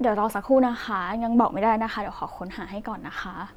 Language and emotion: Thai, neutral